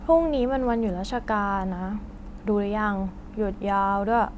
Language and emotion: Thai, frustrated